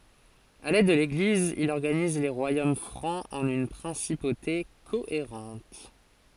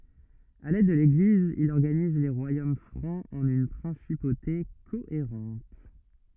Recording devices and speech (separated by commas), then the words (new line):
forehead accelerometer, rigid in-ear microphone, read sentence
Avec l'aide de l'Église, il organise les royaumes francs en une principauté cohérente.